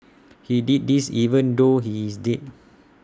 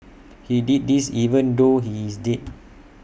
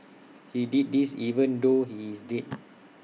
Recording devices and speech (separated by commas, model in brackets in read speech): standing microphone (AKG C214), boundary microphone (BM630), mobile phone (iPhone 6), read sentence